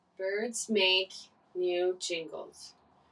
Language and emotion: English, sad